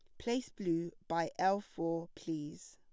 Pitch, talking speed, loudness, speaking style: 165 Hz, 140 wpm, -37 LUFS, plain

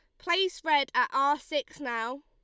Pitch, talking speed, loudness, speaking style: 290 Hz, 175 wpm, -28 LUFS, Lombard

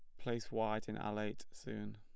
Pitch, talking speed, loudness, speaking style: 110 Hz, 205 wpm, -42 LUFS, plain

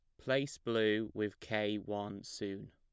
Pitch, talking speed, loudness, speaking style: 105 Hz, 145 wpm, -37 LUFS, plain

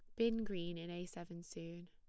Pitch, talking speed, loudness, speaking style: 175 Hz, 215 wpm, -44 LUFS, plain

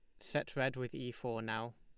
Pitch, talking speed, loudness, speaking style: 120 Hz, 230 wpm, -40 LUFS, Lombard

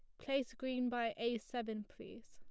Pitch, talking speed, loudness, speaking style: 240 Hz, 175 wpm, -40 LUFS, plain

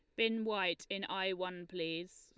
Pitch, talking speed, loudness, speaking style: 185 Hz, 180 wpm, -37 LUFS, Lombard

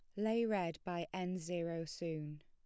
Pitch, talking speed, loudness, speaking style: 175 Hz, 165 wpm, -40 LUFS, plain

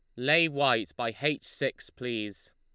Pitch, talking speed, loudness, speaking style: 120 Hz, 155 wpm, -29 LUFS, Lombard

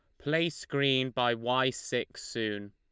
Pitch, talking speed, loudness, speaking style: 125 Hz, 145 wpm, -30 LUFS, Lombard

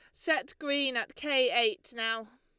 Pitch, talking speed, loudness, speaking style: 250 Hz, 165 wpm, -29 LUFS, Lombard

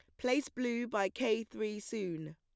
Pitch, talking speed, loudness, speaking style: 220 Hz, 165 wpm, -36 LUFS, plain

